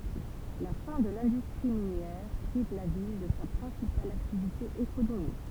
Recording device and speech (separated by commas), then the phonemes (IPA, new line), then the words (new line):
temple vibration pickup, read sentence
la fɛ̃ də lɛ̃dystʁi minjɛʁ pʁiv la vil də sa pʁɛ̃sipal aktivite ekonomik
La fin de l'industrie minière prive la ville de sa principale activité économique.